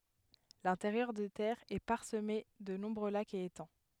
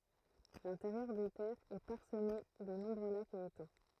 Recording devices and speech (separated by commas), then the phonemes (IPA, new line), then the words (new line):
headset microphone, throat microphone, read sentence
lɛ̃teʁjœʁ de tɛʁz ɛ paʁsəme də nɔ̃bʁø lakz e etɑ̃
L'intérieur des terres est parsemé de nombreux lacs et étangs.